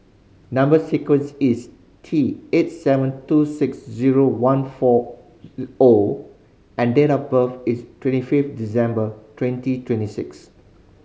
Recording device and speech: mobile phone (Samsung C5010), read sentence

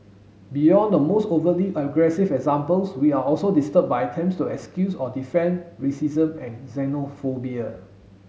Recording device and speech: mobile phone (Samsung S8), read sentence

